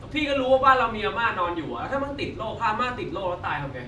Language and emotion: Thai, angry